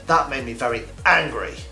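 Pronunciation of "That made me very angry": The voice drops to a lower tone on 'angry', and the word is pronounced very precisely.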